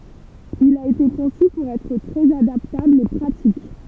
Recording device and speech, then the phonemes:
temple vibration pickup, read sentence
il a ete kɔ̃sy puʁ ɛtʁ tʁɛz adaptabl e pʁatik

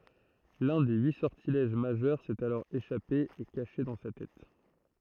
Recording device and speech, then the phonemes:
throat microphone, read sentence
lœ̃ de yi sɔʁtilɛʒ maʒœʁ sɛt alɔʁ eʃape e kaʃe dɑ̃ sa tɛt

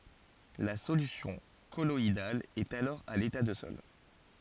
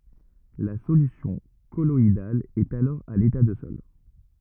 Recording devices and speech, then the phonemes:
forehead accelerometer, rigid in-ear microphone, read sentence
la solysjɔ̃ kɔlɔidal ɛt alɔʁ a leta də sɔl

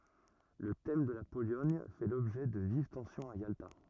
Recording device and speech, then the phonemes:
rigid in-ear microphone, read sentence
lə tɛm də la polɔɲ fɛ lɔbʒɛ də viv tɑ̃sjɔ̃z a jalta

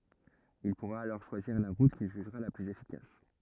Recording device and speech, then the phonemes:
rigid in-ear microphone, read sentence
il puʁa alɔʁ ʃwaziʁ la ʁut kil ʒyʒʁa la plyz efikas

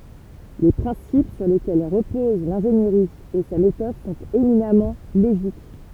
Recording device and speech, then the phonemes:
temple vibration pickup, read sentence
le pʁɛ̃sip syʁ lekɛl ʁəpoz lɛ̃ʒeniʁi e sa metɔd sɔ̃t eminamɑ̃ loʒik

